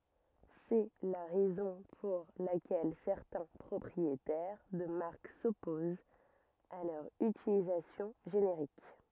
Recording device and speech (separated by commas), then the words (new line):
rigid in-ear microphone, read sentence
C'est la raison pour laquelle certains propriétaires de marques s’opposent à leur utilisation générique.